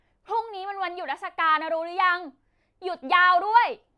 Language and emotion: Thai, angry